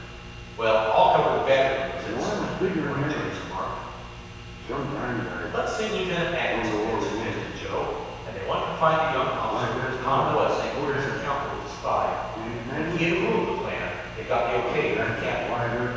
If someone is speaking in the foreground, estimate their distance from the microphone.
7.1 m.